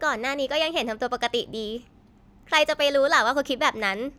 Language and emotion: Thai, frustrated